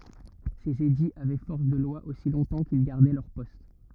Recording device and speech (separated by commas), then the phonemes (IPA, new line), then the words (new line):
rigid in-ear microphone, read sentence
sez ediz avɛ fɔʁs də lwa osi lɔ̃tɑ̃ kil ɡaʁdɛ lœʁ pɔst
Ces édits avaient force de loi aussi longtemps qu'ils gardaient leur poste.